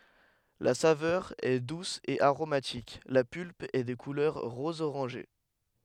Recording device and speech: headset microphone, read sentence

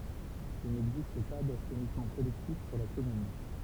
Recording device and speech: temple vibration pickup, read sentence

